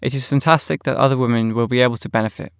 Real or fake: real